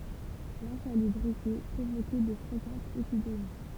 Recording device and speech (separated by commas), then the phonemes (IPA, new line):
temple vibration pickup, read sentence
lɛ̃salybʁite pʁovokɛ də fʁekɑ̃tz epidemi